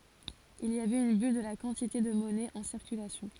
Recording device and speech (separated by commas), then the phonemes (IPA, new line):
forehead accelerometer, read sentence
il i avɛt yn byl də la kɑ̃tite də mɔnɛ ɑ̃ siʁkylasjɔ̃